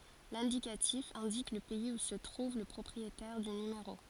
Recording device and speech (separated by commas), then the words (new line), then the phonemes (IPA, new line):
forehead accelerometer, read sentence
L'indicatif indique le pays où se trouve le propriétaire du numéro.
lɛ̃dikatif ɛ̃dik lə pɛiz u sə tʁuv lə pʁɔpʁietɛʁ dy nymeʁo